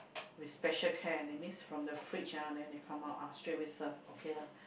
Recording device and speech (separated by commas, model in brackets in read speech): boundary microphone, conversation in the same room